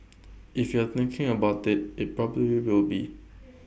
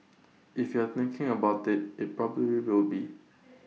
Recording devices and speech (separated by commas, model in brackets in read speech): boundary microphone (BM630), mobile phone (iPhone 6), read sentence